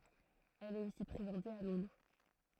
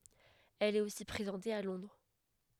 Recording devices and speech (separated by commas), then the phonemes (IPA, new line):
throat microphone, headset microphone, read sentence
ɛl ɛt osi pʁezɑ̃te a lɔ̃dʁ